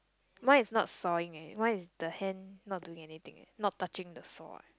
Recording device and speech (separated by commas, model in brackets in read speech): close-talking microphone, conversation in the same room